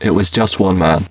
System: VC, spectral filtering